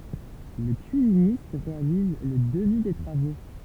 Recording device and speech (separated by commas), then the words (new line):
temple vibration pickup, read sentence
Le cuisiniste réalise le devis des travaux.